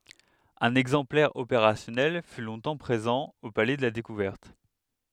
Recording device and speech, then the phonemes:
headset microphone, read sentence
œ̃n ɛɡzɑ̃plɛʁ opeʁasjɔnɛl fy lɔ̃tɑ̃ pʁezɑ̃ o palɛ də la dekuvɛʁt

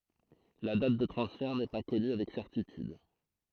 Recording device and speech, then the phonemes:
throat microphone, read sentence
la dat də tʁɑ̃sfɛʁ nɛ pa kɔny avɛk sɛʁtityd

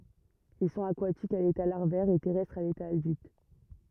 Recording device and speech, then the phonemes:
rigid in-ear microphone, read sentence
il sɔ̃t akwatikz a leta laʁvɛʁ e tɛʁɛstʁz a leta adylt

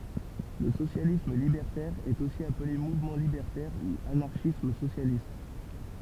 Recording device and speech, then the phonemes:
temple vibration pickup, read sentence
lə sosjalism libɛʁtɛʁ ɛt osi aple muvmɑ̃ libɛʁtɛʁ u anaʁʃism sosjalist

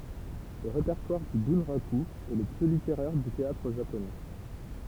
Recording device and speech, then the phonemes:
temple vibration pickup, read sentence
lə ʁepɛʁtwaʁ dy bœ̃ʁaky ɛ lə ply liteʁɛʁ dy teatʁ ʒaponɛ

